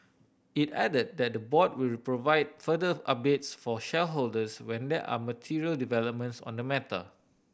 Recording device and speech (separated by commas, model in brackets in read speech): boundary microphone (BM630), read sentence